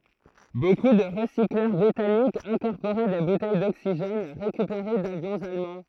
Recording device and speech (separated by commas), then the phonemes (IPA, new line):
throat microphone, read sentence
boku də ʁəsiklœʁ bʁitanikz ɛ̃kɔʁpoʁɛ de butɛj doksiʒɛn ʁekypeʁe davjɔ̃z almɑ̃